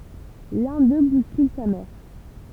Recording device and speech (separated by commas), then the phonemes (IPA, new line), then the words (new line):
temple vibration pickup, read sentence
lœ̃ dø buskyl sa mɛʁ
L'un d'eux bouscule sa mère.